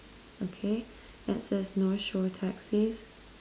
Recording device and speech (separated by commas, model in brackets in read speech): standing microphone, conversation in separate rooms